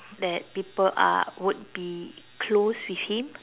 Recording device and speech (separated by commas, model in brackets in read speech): telephone, conversation in separate rooms